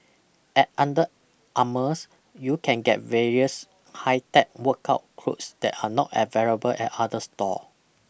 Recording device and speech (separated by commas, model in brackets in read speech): boundary microphone (BM630), read sentence